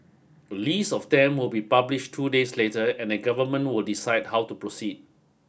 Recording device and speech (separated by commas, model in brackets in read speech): boundary microphone (BM630), read sentence